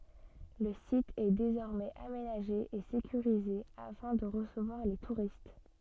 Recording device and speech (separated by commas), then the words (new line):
soft in-ear microphone, read sentence
Le site est désormais aménagé et sécurisé afin de recevoir les touristes.